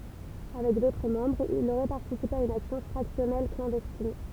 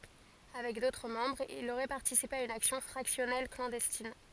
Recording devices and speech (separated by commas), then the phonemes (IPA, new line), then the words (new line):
temple vibration pickup, forehead accelerometer, read sentence
avɛk dotʁ mɑ̃bʁz il oʁɛ paʁtisipe a yn aksjɔ̃ fʁaksjɔnɛl klɑ̃dɛstin
Avec d'autres membres, il aurait participé à une action fractionnelle clandestine.